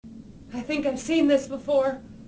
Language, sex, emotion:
English
female
fearful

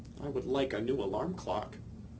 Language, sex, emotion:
English
male
neutral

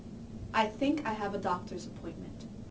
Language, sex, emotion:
English
female
neutral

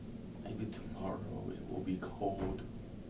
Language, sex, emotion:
English
male
neutral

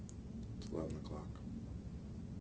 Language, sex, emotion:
English
male
neutral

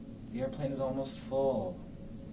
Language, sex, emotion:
English
male
neutral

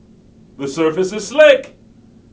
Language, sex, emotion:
English
male
happy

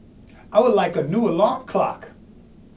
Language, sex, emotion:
English
male
angry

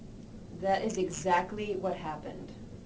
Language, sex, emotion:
English
female
neutral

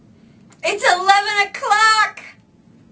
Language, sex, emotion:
English
female
fearful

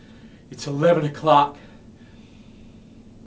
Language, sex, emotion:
English
male
neutral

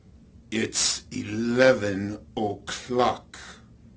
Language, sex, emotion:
English
male
angry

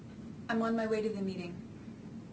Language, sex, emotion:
English
female
neutral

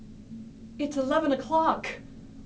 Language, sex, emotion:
English
female
fearful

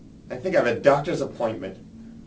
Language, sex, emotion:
English
male
disgusted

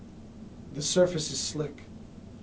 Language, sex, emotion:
English
male
neutral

